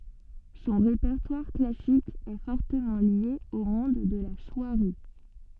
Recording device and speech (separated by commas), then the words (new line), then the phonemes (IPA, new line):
soft in-ear microphone, read sentence
Son répertoire classique est fortement lié au monde de la soierie.
sɔ̃ ʁepɛʁtwaʁ klasik ɛ fɔʁtəmɑ̃ lje o mɔ̃d də la swaʁi